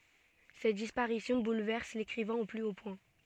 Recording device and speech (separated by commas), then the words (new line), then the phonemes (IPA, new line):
soft in-ear microphone, read sentence
Cette disparition bouleverse l'écrivain au plus haut point.
sɛt dispaʁisjɔ̃ bulvɛʁs lekʁivɛ̃ o ply o pwɛ̃